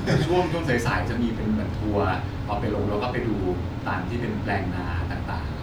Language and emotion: Thai, neutral